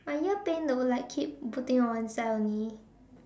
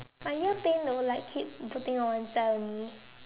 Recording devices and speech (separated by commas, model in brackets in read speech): standing microphone, telephone, conversation in separate rooms